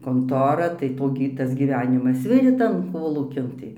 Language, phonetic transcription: Lithuanian, konˈtora tai ˈto gi ˈtas gyˈvenimas ˈvirė ˈtan ˈkolūkin ˈtai

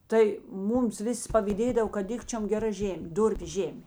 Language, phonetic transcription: Lithuanian, ˈtai ˈmūms ˈviˌsi pavyˈdėdav kad ˈdikčiom geˈra ˈžėmė ˈdurpiu ˈžėmė

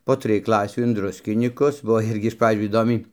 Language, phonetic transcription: Lithuanian, po ˈtrij ˈklasių in ˈdruskinykus ˈbuo ˈirgi iš ˈpradžių įˈdomiai

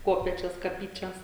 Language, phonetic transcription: Lithuanian, ˈkopėčios kaˈpyčias

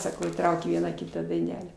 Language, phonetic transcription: Lithuanian, saˈkau įˈtraukė ˈvieną ˈkitą daiˈnelę

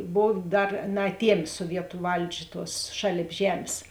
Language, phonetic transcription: Lithuanian, ˈbov ˈdar naaˈtiemė suoˈvietu ˈvaldžia ˈtuos ˈšalėp ˈžemės

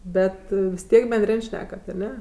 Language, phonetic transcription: Lithuanian, ˈbet vis ˈtiek benˈdrin' ˈšnekat aˈne

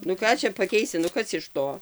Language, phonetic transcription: Lithuanian, nu ˈką čia paˈkeisi nu ˈkas iš ˈto

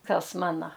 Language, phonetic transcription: Lithuanian, ˈkas ˈmana

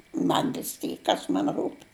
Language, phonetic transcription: Lithuanian, ˈman vis ˈtyk ˈkas man ˈrūp'

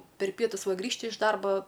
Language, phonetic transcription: Lithuanian, per ˈpietus ˈva ˈgrįžti iš ˈdarba

